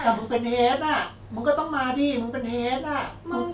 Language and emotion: Thai, frustrated